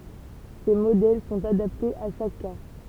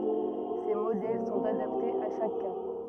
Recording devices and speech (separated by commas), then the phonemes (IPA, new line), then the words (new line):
temple vibration pickup, rigid in-ear microphone, read sentence
se modɛl sɔ̃t adaptez a ʃak ka
Ces modèles sont adaptés à chaque cas.